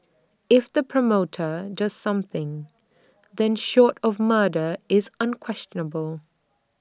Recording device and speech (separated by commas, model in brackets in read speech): standing microphone (AKG C214), read sentence